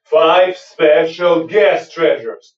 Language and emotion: English, neutral